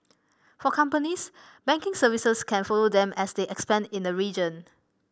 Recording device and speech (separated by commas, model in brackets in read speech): boundary microphone (BM630), read sentence